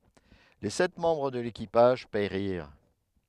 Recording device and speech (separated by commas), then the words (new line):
headset microphone, read sentence
Les sept membres de l'équipage périrent.